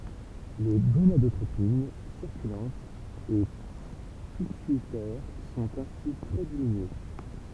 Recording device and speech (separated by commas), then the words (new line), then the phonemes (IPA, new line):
temple vibration pickup, read sentence
Les gonadotropines circulantes et pituitaires sont ainsi très diminuées.
le ɡonadotʁopin siʁkylɑ̃tz e pityitɛʁ sɔ̃t ɛ̃si tʁɛ diminye